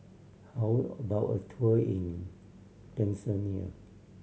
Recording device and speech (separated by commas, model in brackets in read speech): mobile phone (Samsung C7100), read sentence